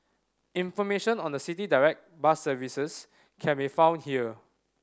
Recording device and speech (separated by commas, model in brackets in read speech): standing microphone (AKG C214), read sentence